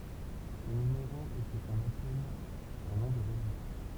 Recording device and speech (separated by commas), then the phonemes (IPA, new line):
temple vibration pickup, read sentence
sə nymeʁo ɛ sə kɔ̃n apɛl œ̃ nɔ̃ də ʁəʒistʁ